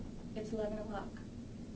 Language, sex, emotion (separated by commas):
English, female, neutral